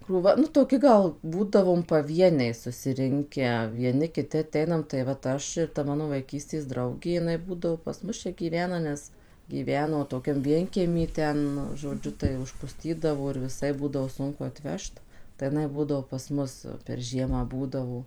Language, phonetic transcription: Lithuanian, krūˈva nu toˈki gal ˈbūdavom paˈvieniai susiˈrinkę vieˈni kiˈti aˈteinam tai vat ˈaš ir ta ˈmano vaiˈkystės ˈdraugė jiˈnai ˈbūdavo pas ˈmus ˈčia gyˈvena ˈnes gyˈveno toˈkiam ˈvienkiemy ˈten žoˈdžiu tai užpuˈstydavo ir viˈsaip ˈbūdavo ˈsunku atˈvežt tai jiˈnai ˈbūdavo pas ˈmus per ˈžiemą ˈbūdavo

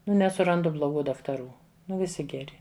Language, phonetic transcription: Lithuanian, nu nesuˈrandu bloˈgų daktaˈrų ˈnu viˈsi geˈri

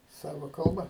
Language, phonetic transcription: Lithuanian, ˈsava ˈkalba

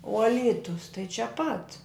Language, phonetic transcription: Lithuanian, o a ˈlytus tai čia pat

